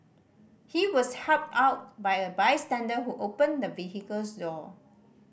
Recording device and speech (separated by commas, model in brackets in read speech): boundary microphone (BM630), read sentence